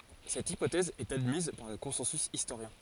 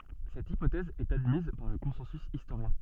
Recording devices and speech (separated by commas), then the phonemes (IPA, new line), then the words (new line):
forehead accelerometer, soft in-ear microphone, read sentence
sɛt ipotɛz ɛt admiz paʁ lə kɔ̃sɑ̃sy istoʁjɛ̃
Cette hypothèse est admise par le consensus historien.